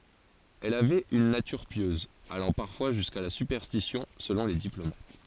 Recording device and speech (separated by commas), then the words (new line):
forehead accelerometer, read sentence
Elle avait une nature pieuse, allant parfois jusqu'à la superstition selon les diplomates.